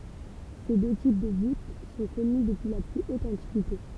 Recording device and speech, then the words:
temple vibration pickup, read sentence
Ces deux types de voûte sont connues depuis la plus haute antiquité.

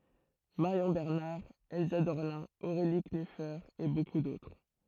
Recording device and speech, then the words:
throat microphone, read sentence
Marion Bernard, Elsa Dorlin, Aurélie Knüfer et beaucoup d'autres.

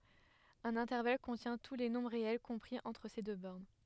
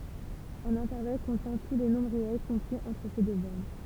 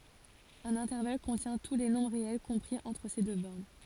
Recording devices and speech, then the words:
headset microphone, temple vibration pickup, forehead accelerometer, read sentence
Un intervalle contient tous les nombres réels compris entre ces deux bornes.

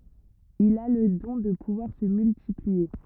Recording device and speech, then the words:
rigid in-ear microphone, read sentence
Il a le don de pouvoir se multiplier.

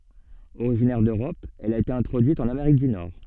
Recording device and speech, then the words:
soft in-ear microphone, read sentence
Originaire d'Europe, elle a été introduite en Amérique du Nord.

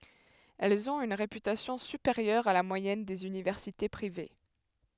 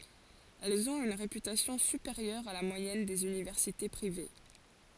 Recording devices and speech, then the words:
headset microphone, forehead accelerometer, read sentence
Elles ont une réputation supérieure à la moyenne des universités privées.

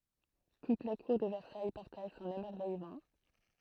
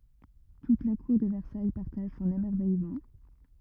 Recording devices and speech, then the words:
throat microphone, rigid in-ear microphone, read sentence
Toute la Cour de Versailles partage son émerveillement.

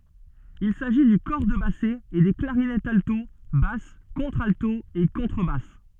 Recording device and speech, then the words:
soft in-ear microphone, read sentence
Il s'agit du cor de basset et des clarinettes alto, basse, contralto et contrebasse.

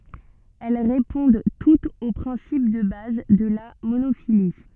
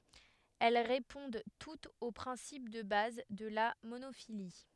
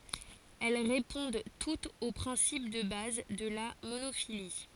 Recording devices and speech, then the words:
soft in-ear microphone, headset microphone, forehead accelerometer, read sentence
Elles répondent toutes au principe de base de la monophylie.

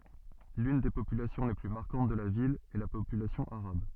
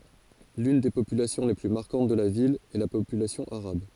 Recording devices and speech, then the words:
soft in-ear microphone, forehead accelerometer, read sentence
L'une des populations les plus marquantes de la ville est la population arabe.

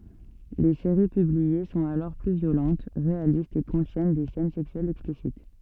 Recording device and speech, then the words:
soft in-ear microphone, read sentence
Les séries publiées sont alors plus violentes, réalistes et contiennent des scènes sexuelles explicites.

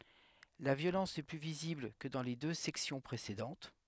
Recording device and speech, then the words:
headset microphone, read sentence
La violence est plus visible que dans les deux sections précédentes.

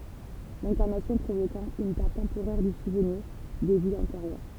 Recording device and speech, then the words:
temple vibration pickup, read sentence
L'incarnation provoquant une perte temporaire du souvenir des vies antérieures.

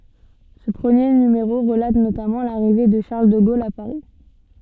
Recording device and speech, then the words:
soft in-ear microphone, read sentence
Ce premier numéro relate notamment l’arrivée de Charles de Gaulle à Paris.

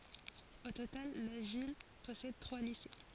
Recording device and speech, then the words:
forehead accelerometer, read sentence
Au total, la ville possède trois lycées.

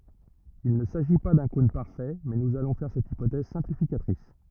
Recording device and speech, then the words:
rigid in-ear microphone, read sentence
Il ne s'agit pas d'un cône parfait, mais nous allons faire cette hypothèse simplificatrice.

